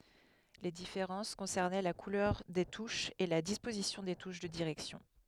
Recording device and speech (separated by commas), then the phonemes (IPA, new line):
headset microphone, read sentence
le difeʁɑ̃s kɔ̃sɛʁnɛ la kulœʁ de tuʃz e la dispozisjɔ̃ de tuʃ də diʁɛksjɔ̃